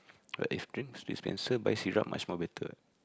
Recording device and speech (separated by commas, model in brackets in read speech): close-talking microphone, conversation in the same room